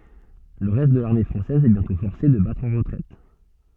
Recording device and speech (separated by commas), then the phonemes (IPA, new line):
soft in-ear microphone, read sentence
lə ʁɛst də laʁme fʁɑ̃sɛz ɛ bjɛ̃tɔ̃ fɔʁse də batʁ ɑ̃ ʁətʁɛt